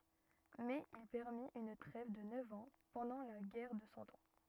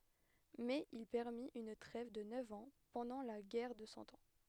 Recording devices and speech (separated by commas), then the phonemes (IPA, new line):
rigid in-ear microphone, headset microphone, read sentence
mɛz il pɛʁmit yn tʁɛv də nœv ɑ̃ pɑ̃dɑ̃ la ɡɛʁ də sɑ̃ ɑ̃